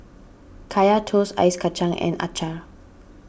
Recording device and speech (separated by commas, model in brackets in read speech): boundary microphone (BM630), read sentence